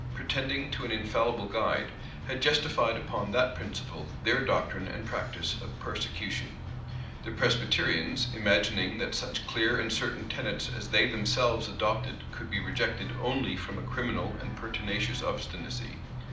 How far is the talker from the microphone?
2.0 m.